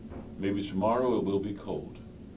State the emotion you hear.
neutral